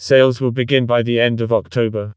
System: TTS, vocoder